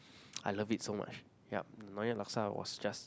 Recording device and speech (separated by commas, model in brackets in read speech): close-talking microphone, conversation in the same room